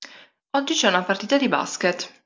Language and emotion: Italian, neutral